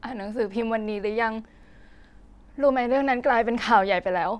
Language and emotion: Thai, sad